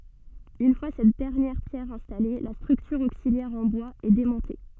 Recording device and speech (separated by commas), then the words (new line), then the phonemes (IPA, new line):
soft in-ear microphone, read sentence
Une fois cette dernière pierre installée, la structure auxiliaire en bois est démontée.
yn fwa sɛt dɛʁnjɛʁ pjɛʁ ɛ̃stale la stʁyktyʁ oksiljɛʁ ɑ̃ bwaz ɛ demɔ̃te